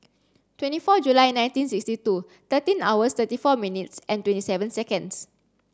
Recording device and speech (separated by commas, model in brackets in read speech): standing microphone (AKG C214), read sentence